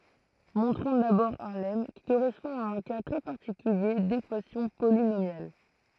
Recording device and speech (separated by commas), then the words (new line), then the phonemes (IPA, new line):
throat microphone, read sentence
Montrons d'abord un lemme, qui correspond à un cas très particulier d'équation polynomiale.
mɔ̃tʁɔ̃ dabɔʁ œ̃ lɛm ki koʁɛspɔ̃ a œ̃ ka tʁɛ paʁtikylje dekwasjɔ̃ polinomjal